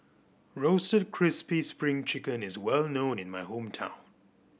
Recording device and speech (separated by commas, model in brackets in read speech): boundary microphone (BM630), read sentence